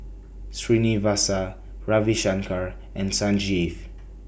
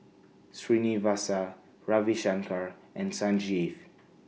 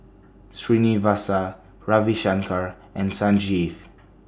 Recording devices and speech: boundary microphone (BM630), mobile phone (iPhone 6), standing microphone (AKG C214), read sentence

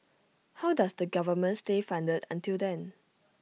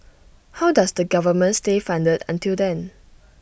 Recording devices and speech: mobile phone (iPhone 6), boundary microphone (BM630), read sentence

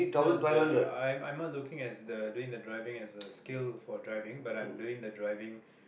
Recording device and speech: boundary microphone, conversation in the same room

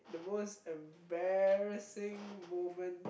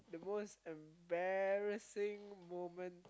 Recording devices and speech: boundary microphone, close-talking microphone, conversation in the same room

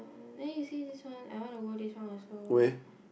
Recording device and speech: boundary microphone, conversation in the same room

